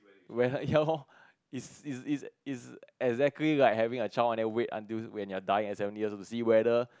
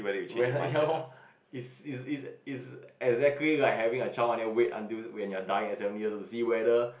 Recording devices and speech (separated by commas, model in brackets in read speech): close-talking microphone, boundary microphone, conversation in the same room